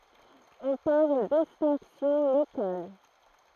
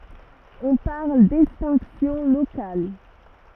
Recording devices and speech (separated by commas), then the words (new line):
throat microphone, rigid in-ear microphone, read sentence
On parle d'extinction locale.